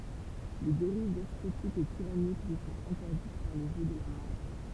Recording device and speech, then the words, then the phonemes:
temple vibration pickup, read sentence
Les dérives despotique et tyrannique lui sont interdites par le jeu de la Maât.
le deʁiv dɛspotik e tiʁanik lyi sɔ̃t ɛ̃tɛʁdit paʁ lə ʒø də la maa

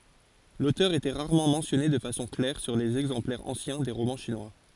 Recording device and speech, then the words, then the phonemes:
forehead accelerometer, read sentence
L’auteur était rarement mentionné de façon claire sur les exemplaires anciens des romans chinois.
lotœʁ etɛ ʁaʁmɑ̃ mɑ̃sjɔne də fasɔ̃ klɛʁ syʁ lez ɛɡzɑ̃plɛʁz ɑ̃sjɛ̃ de ʁomɑ̃ ʃinwa

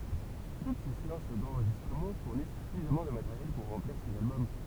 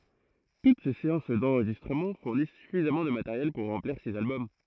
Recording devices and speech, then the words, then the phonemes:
temple vibration pickup, throat microphone, read sentence
Toutes ces séances d'enregistrement fournissent suffisamment de matériel pour remplir six albums.
tut se seɑ̃s dɑ̃ʁʒistʁəmɑ̃ fuʁnis syfizamɑ̃ də mateʁjɛl puʁ ʁɑ̃pliʁ siz albɔm

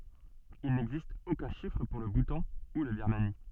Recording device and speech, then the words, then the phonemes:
soft in-ear microphone, read sentence
Il n'existe aucun chiffre pour le Bhoutan ou la Birmanie.
il nɛɡzist okœ̃ ʃifʁ puʁ lə butɑ̃ u la biʁmani

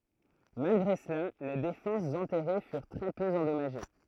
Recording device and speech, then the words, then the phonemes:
throat microphone, read sentence
Malgré cela, les défenses enterrées furent très peu endommagées.
malɡʁe səla le defɑ̃sz ɑ̃tɛʁe fyʁ tʁɛ pø ɑ̃dɔmaʒe

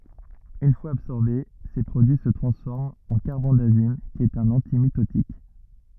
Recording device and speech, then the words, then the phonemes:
rigid in-ear microphone, read sentence
Une fois absorbés, ces produits se transforment en carbendazime qui est un antimitotique.
yn fwaz absɔʁbe se pʁodyi sə tʁɑ̃sfɔʁmt ɑ̃ kaʁbɑ̃dazim ki ɛt œ̃n ɑ̃timitotik

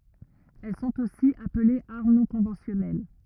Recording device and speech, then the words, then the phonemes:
rigid in-ear microphone, read sentence
Elles sont aussi appelées armes non conventionnelles.
ɛl sɔ̃t osi aplez aʁm nɔ̃ kɔ̃vɑ̃sjɔnɛl

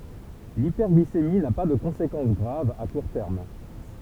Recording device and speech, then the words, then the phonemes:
temple vibration pickup, read sentence
L'hyperglycémie n'a pas de conséquence grave à court terme.
lipɛʁɡlisemi na pa də kɔ̃sekɑ̃s ɡʁav a kuʁ tɛʁm

